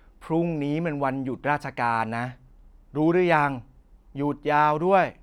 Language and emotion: Thai, frustrated